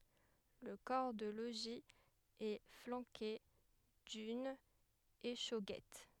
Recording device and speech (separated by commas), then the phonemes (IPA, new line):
headset microphone, read sentence
lə kɔʁ də loʒi ɛ flɑ̃ke dyn eʃoɡɛt